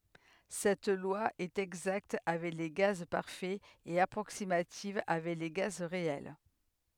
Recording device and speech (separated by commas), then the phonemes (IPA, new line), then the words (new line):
headset microphone, read sentence
sɛt lwa ɛt ɛɡzakt avɛk le ɡaz paʁfɛz e apʁoksimativ avɛk le ɡaz ʁeɛl
Cette loi est exacte avec les gaz parfaits et approximative avec les gaz réels.